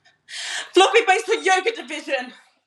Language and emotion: English, fearful